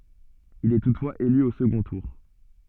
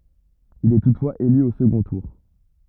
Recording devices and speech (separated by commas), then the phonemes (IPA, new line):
soft in-ear microphone, rigid in-ear microphone, read sentence
il ɛ tutfwaz ely o səɡɔ̃ tuʁ